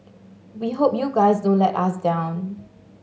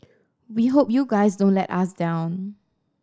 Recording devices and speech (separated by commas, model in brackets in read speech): mobile phone (Samsung S8), standing microphone (AKG C214), read sentence